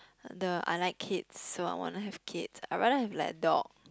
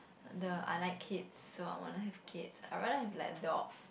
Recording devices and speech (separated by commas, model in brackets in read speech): close-talking microphone, boundary microphone, conversation in the same room